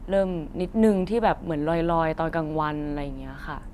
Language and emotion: Thai, neutral